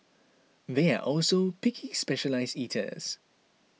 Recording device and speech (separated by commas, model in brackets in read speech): mobile phone (iPhone 6), read sentence